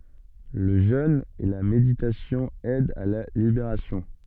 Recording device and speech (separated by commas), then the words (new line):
soft in-ear microphone, read sentence
Le jeûne et la méditation aident à la libération.